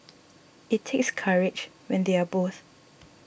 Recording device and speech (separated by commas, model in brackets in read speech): boundary microphone (BM630), read sentence